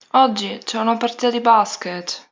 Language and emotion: Italian, sad